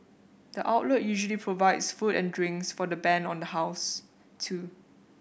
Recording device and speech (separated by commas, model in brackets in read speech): boundary microphone (BM630), read sentence